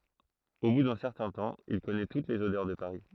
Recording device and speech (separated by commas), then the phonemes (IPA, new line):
throat microphone, read sentence
o bu dœ̃ sɛʁtɛ̃ tɑ̃ il kɔnɛ tut lez odœʁ də paʁi